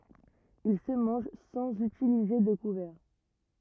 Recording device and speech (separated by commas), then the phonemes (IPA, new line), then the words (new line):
rigid in-ear microphone, read sentence
il sə mɑ̃ʒ sɑ̃z ytilize də kuvɛʁ
Il se mange sans utiliser de couverts.